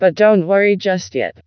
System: TTS, vocoder